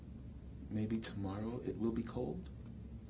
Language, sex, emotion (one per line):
English
male
neutral